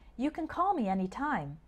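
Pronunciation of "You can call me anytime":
In 'You can call me anytime', 'can' is shortened and sounds more like 'kin', with the stress on 'call' rather than on 'can'.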